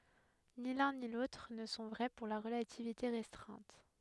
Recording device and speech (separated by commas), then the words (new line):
headset microphone, read sentence
Ni l'un ni l'autre ne sont vrais pour la relativité restreinte.